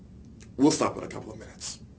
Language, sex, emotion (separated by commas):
English, male, neutral